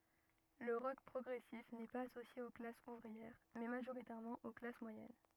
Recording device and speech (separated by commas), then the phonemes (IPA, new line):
rigid in-ear microphone, read sentence
lə ʁɔk pʁɔɡʁɛsif nɛ paz asosje o klasz uvʁiɛʁ mɛ maʒoʁitɛʁmɑ̃ o klas mwajɛn